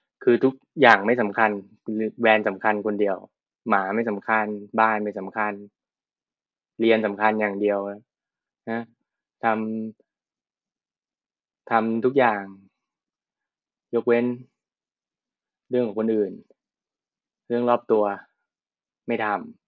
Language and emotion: Thai, frustrated